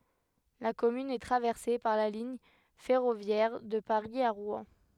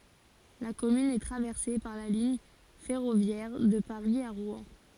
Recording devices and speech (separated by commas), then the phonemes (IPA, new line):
headset microphone, forehead accelerometer, read sentence
la kɔmyn ɛ tʁavɛʁse paʁ la liɲ fɛʁovjɛʁ də paʁi a ʁwɛ̃